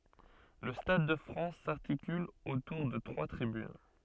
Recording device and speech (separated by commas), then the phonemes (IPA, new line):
soft in-ear microphone, read sentence
lə stad də fʁɑ̃s saʁtikyl otuʁ də tʁwa tʁibyn